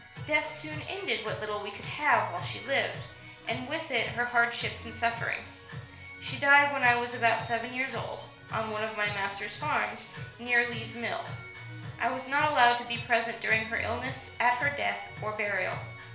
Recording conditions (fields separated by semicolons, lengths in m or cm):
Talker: one person; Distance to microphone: 1.0 m; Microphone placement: close; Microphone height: 1.1 m; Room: small (3.7 m by 2.7 m); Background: music